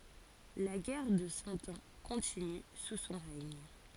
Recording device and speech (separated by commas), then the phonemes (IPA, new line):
forehead accelerometer, read sentence
la ɡɛʁ də sɑ̃ ɑ̃ kɔ̃tiny su sɔ̃ ʁɛɲ